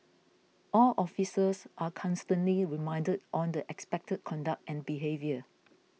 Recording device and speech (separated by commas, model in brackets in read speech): mobile phone (iPhone 6), read sentence